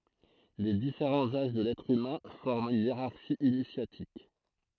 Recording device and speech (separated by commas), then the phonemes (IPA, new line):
throat microphone, read sentence
le difeʁɑ̃z aʒ də lɛtʁ ymɛ̃ fɔʁmt yn jeʁaʁʃi inisjatik